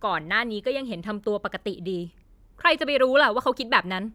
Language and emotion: Thai, angry